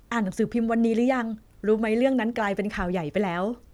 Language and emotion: Thai, happy